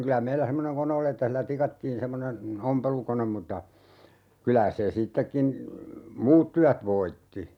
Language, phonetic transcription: Finnish, 'kylä 'meillä 'semmoneŋ "kone oli että 'hillä "tikattiin 'semmonen , "ompelukonem mutta , 'kylä se 'sittekkin , "muut tyät 'voitti .
- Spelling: kyllä meillä semmoinen kone oli että sillä tikattiin semmoinen ompelukone mutta kyllä se sittenkin muut työt voitti

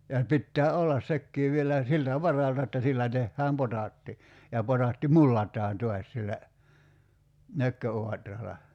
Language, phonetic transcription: Finnish, ja (se) 'pittää "ollas 'sekkii vielä , 'siltä "varalta että 'sillä 'tehhääm "potàtti , ja 'potàtti "mullat̀aan 'to̭as sillä , 'nökkö₍oatrala .
- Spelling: ja se pitää olla sekin vielä siltä varalta että sillä tehdään potaatti ja potaatti mullataan taas sillä nökköauralla

